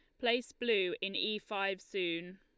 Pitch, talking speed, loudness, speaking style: 210 Hz, 165 wpm, -35 LUFS, Lombard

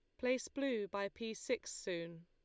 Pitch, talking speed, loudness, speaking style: 220 Hz, 175 wpm, -41 LUFS, Lombard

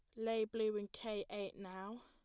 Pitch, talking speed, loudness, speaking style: 215 Hz, 195 wpm, -42 LUFS, plain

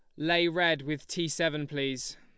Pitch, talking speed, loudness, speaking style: 160 Hz, 180 wpm, -29 LUFS, Lombard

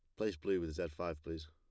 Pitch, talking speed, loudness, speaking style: 80 Hz, 275 wpm, -40 LUFS, plain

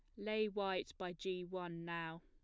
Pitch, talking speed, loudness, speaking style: 185 Hz, 175 wpm, -43 LUFS, plain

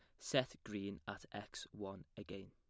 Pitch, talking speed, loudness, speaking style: 100 Hz, 155 wpm, -45 LUFS, plain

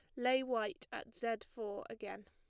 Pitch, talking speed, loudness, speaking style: 230 Hz, 175 wpm, -40 LUFS, plain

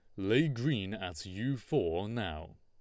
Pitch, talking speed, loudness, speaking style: 105 Hz, 150 wpm, -34 LUFS, Lombard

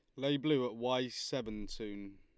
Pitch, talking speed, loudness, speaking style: 120 Hz, 180 wpm, -36 LUFS, Lombard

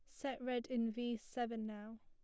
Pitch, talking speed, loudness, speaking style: 240 Hz, 195 wpm, -42 LUFS, plain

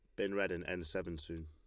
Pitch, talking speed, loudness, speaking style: 85 Hz, 285 wpm, -40 LUFS, Lombard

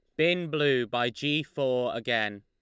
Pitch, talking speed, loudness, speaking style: 125 Hz, 160 wpm, -28 LUFS, Lombard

